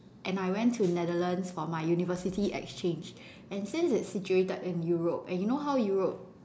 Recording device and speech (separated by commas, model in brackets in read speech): standing microphone, conversation in separate rooms